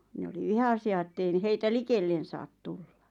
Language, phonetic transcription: Finnish, 'ne oli "vihasi₍a ᵉttei ⁿⁱ heitä "likellen̬ saat tullᴀ .
- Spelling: ne oli vihaisia että ei niin heitä likelle saa tulla

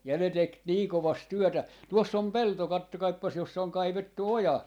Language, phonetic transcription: Finnish, ja ne tek 'nii 'kovast 'työtä. , 'tuoss ‿om "pelto 'kattokaippas 'jossa oŋ 'kaivettu "oja .
- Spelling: ja ne teki niin kovasti työtä tuossa on pelto katsokaapas jossa on kaivettu oja

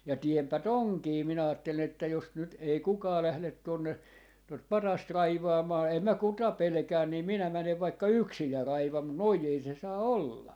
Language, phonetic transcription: Finnish, ja 'tiempä "toŋkii » 'minä aattelin ‿että » 'jos 'nyt ei "kukaa 'lählet tuonne , tot "patast 'raivaamaa 'em mä "kuta 'pelᵉkää nii 'minä 'mänev vaikka "yksij ja 'raivam mu , "noi ei se 'saa "olla .
- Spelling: ja teenpä tuonkin minä ajattelin että jos nyt ei kukaan lähde tuonne tuota patsasta raivaamaan en minä ketä pelkää niin minä menen vaikka yksin ja raivaan mutta noin ei se saa olla

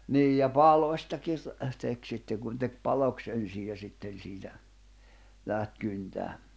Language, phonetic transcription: Finnish, 'niij ja "palośtakir , se tek sitte kun tek 'paloks ’ensij ja 'sitten̬ siitä , 'läht 'kyntää .
- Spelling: niin ja palostakin se teki sitten kun teki paloksi ensin ja sitten siitä lähti kyntämään

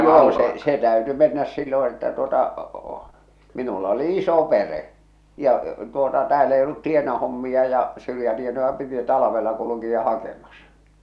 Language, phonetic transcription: Finnish, 'noo se se "täyty mennäs 'silloo̰ että tuota , minula ‿oli 'iso pere’ , ja , tuota tääl ‿ei ollut 'tienahommi₍a ja , 'syrjätienoja 'piti 'talᵃvella 'kuluki₍a 'hakemasᴀ .
- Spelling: no se se täytyi mennä silloin että tuota minulla oli iso perhe ja tuota täällä ei ollut tienahommia ja syrjätienoja piti talvella kulkea hakemassa

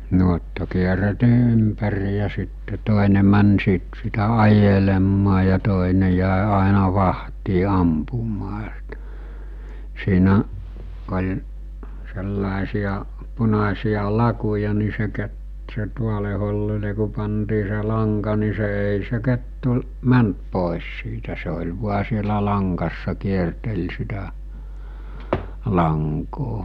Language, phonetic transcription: Finnish, nuotta kierretii 'ympäri ja sitte 'tòene män siit sitä 'ajelemmaa ja 'tòene jä̀e àena 'vahtii 'ampumaa s[itä] , siinä , oĺ , sellàesiʲa , 'punasiʲa 'lakuja ni se ke- , se 'tuole hollile ku pantii se 'laŋka ni se èi se 'kettu , 'mänt pòes siitä se oĺ 'vua sielä 'laŋkassa 'kiertel sitä , 'laŋkoo .
- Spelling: nuotta kierrettiin ympäri ja sitten toinen meni siitä sitä ajelemaan ja toinen jäi aina vahtiin ampumaan sitä siinä oli sellaisia punaisia lakuja niin se - se tuolle hollille kun pantiin se lanka niin se ei se kettu mennyt pois siitä se oli vain siellä langassa kierteli sitä lankaa

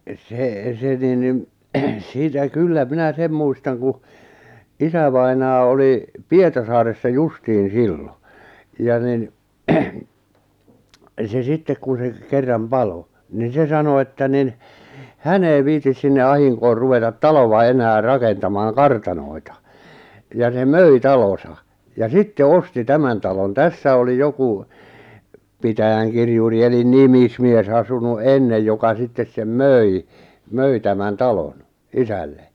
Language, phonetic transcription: Finnish, 'sè , se nin nin , siitä "kullä 'minä 'sem muistaŋ ku , 'isävainaa oli , "Pietarsaaressa "justiin̬ "sillo , ja nin , 'se "sittek kun̬ 'se , 'kerram "palo , nin̬ 'se sano että nin , "hän ‿ei 'viitis sinne 'ahiŋkoor ruvetat "talova enää "rakentamaaŋ "kartanoi̬ta , ja se "möi "talosa , ja 'sitte "osti 'tämän talon "tässä oli 'joku , 'pitäjäŋkirjuri elin 'nimismies asunu "’ennej joka 'sittes sem "möi , 'möi tämän 'talon , "isälle .
- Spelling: se se niin niin siitä kyllä minä sen muistan kun isävainaa oli Pietarsaaressa justiin silloin ja niin se sitten kun se kerran paloi niin se sanoi että niin hän ei viitsi sinne ahdinkoon ruveta taloa enää rakentamaan kartanoita ja se möi talonsa ja sitten osti tämän talon tässä oli joku pitäjänkirjuri eli nimismies asunut ennen joka sitten sen möi möi tämän talon isälle

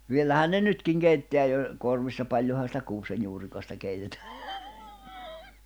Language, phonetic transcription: Finnish, 'viellähän ne "nytkiŋ 'keitteä jo , 'korvissa 'paĺjoha sitä kuusejjuurikasta keitetᴀ̈ᴀ̈ .
- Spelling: vielähän ne nytkin keittää jo korvissa paljonhan sitä kuusenjuurikasta keitetään

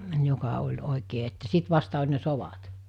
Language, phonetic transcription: Finnish, 'joka oĺ 'òikee että 'sit vasta oĺ ne 'sovat .
- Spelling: joka oli oikein että sitten vasta oli ne sodat

